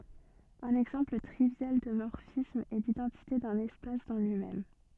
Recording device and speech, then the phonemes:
soft in-ear microphone, read sentence
œ̃n ɛɡzɑ̃pl tʁivjal də mɔʁfism ɛ lidɑ̃tite dœ̃n ɛspas dɑ̃ lyi mɛm

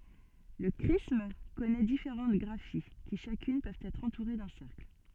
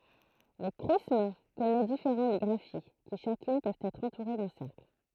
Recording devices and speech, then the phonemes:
soft in-ear microphone, throat microphone, read sentence
lə kʁism kɔnɛ difeʁɑ̃t ɡʁafi ki ʃakyn pøvt ɛtʁ ɑ̃tuʁe dœ̃ sɛʁkl

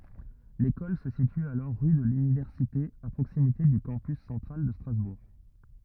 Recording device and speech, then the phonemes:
rigid in-ear microphone, read sentence
lekɔl sə sity alɔʁ ʁy də lynivɛʁsite a pʁoksimite dy kɑ̃pys sɑ̃tʁal də stʁazbuʁ

